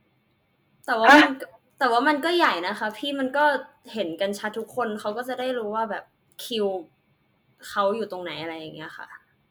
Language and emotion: Thai, frustrated